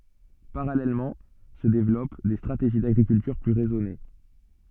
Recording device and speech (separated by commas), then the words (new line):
soft in-ear microphone, read sentence
Parallèlement se développent des stratégies d'agriculture plus raisonnée.